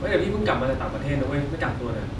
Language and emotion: Thai, neutral